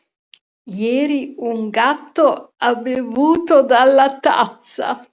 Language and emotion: Italian, disgusted